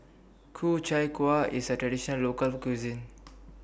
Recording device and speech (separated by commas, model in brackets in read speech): boundary microphone (BM630), read sentence